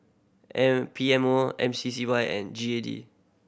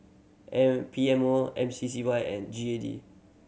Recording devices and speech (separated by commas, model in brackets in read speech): boundary microphone (BM630), mobile phone (Samsung C7100), read sentence